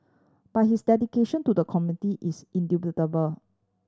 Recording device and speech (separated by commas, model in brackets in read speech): standing microphone (AKG C214), read sentence